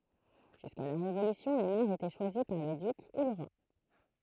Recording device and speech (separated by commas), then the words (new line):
throat microphone, read sentence
Jusqu'à la Révolution, les maires étaient choisis par le duc ou le roi.